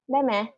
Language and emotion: Thai, neutral